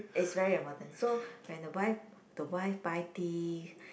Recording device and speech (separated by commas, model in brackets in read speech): boundary microphone, conversation in the same room